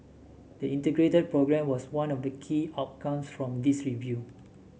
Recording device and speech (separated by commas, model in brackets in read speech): mobile phone (Samsung S8), read sentence